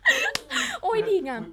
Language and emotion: Thai, happy